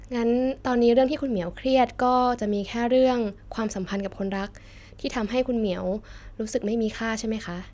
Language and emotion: Thai, neutral